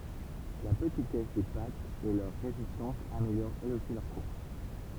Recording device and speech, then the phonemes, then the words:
temple vibration pickup, read sentence
la pətitɛs de patz e lœʁ ʁezistɑ̃s ameljoʁt ɛlz osi lœʁ kuʁs
La petitesse des pattes et leur résistance améliorent elles aussi leur course.

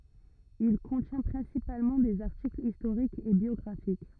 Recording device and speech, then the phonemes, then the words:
rigid in-ear microphone, read sentence
il kɔ̃tjɛ̃ pʁɛ̃sipalmɑ̃ dez aʁtiklz istoʁikz e bjɔɡʁafik
Il contient principalement des articles historiques et biographiques.

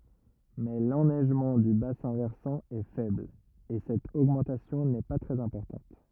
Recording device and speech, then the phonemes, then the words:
rigid in-ear microphone, read sentence
mɛ lɛnɛʒmɑ̃ dy basɛ̃ vɛʁsɑ̃ ɛ fɛbl e sɛt oɡmɑ̃tasjɔ̃ nɛ pa tʁɛz ɛ̃pɔʁtɑ̃t
Mais l'enneigement du bassin versant est faible, et cette augmentation n'est pas très importante.

